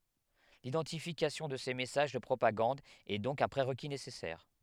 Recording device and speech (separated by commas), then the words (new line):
headset microphone, read sentence
L'identification de ces messages de propagande est donc un prérequis nécessaire.